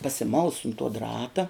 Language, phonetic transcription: Lithuanian, pasiˈmaus un tuo ˈdrata

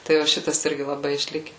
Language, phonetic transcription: Lithuanian, ˈtai va ˈšitas ˈirgi laˈbai išˈlike

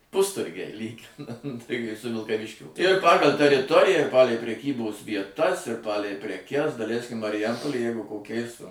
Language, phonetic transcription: Lithuanian, ˈpusturgiai ˈlyginant tai kai su vilkaˈviškio ir ˈpagal' teriˈtoriją ir ˈpalei preˈkybos vieˈtas ir ˈpalei preˈkes daˈleiskim mariˈjampolėj ˈjeigu koˈkiais

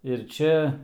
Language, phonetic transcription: Lithuanian, ir ˈčia

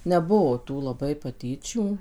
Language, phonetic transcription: Lithuanian, neˈbuo ˈtų laˈbai paˈtyčių

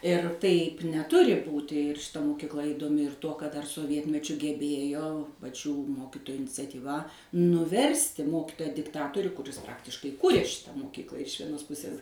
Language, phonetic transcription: Lithuanian, ir ˈtaip neˈturi ˈbūti ir šiˈta mokikˈla įdoˈmi ir ˈtuo kad ˈdar soˈvietmečiu geˈbėjo paˈčių ˈmokitoju iniciatyˈva nuˈversti ˈmokitoja dikˈtatoriu kuˈris ˈpraktiškai ˈkurė ˈšita mokykla iš vieˈnos ˈpusės

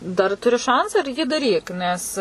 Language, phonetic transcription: Lithuanian, ˈdar tuˈri ˈšancą ir jį daˈryk ˈnes

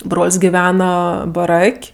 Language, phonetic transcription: Lithuanian, ˈbrol's' giˈvena baˈrak'

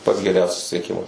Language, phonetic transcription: Lithuanian, pats geˈriau susisieˈkimas

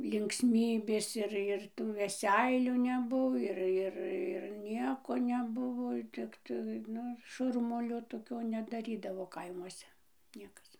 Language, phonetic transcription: Lithuanian, linksˈmybės ir ir tų veˈseilių neˈbuo ir ˈir ir ˈnieko neˈbuvo ˈtiktai ˈnu ˈšurmulio toˈkio nedaˈrydavo ˈkaimuose ˈniekas

